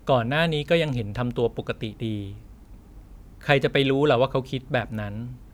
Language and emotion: Thai, neutral